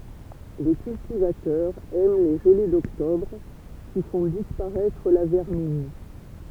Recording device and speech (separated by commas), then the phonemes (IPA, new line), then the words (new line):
temple vibration pickup, read sentence
lə kyltivatœʁ ɛm le ʒəle dɔktɔbʁ ki fɔ̃ dispaʁɛtʁ la vɛʁmin
Le cultivateur aime les gelées d'octobre qui font disparaître la vermine.